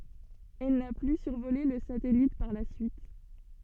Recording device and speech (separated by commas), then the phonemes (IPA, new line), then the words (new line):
soft in-ear microphone, read sentence
ɛl na ply syʁvole lə satɛlit paʁ la syit
Elle n'a plus survolé le satellite par la suite.